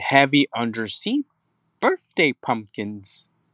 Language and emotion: English, angry